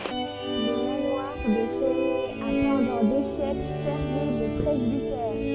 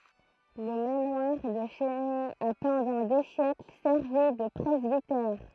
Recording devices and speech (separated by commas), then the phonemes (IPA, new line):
soft in-ear microphone, throat microphone, read sentence
lə manwaʁ də la ʃɛsnɛ a pɑ̃dɑ̃ de sjɛkl sɛʁvi də pʁɛzbitɛʁ